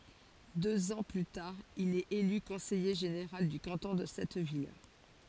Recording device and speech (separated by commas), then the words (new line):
forehead accelerometer, read sentence
Deux ans plus tard, il est élu conseiller général du canton de cette ville.